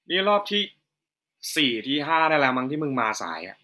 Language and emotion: Thai, angry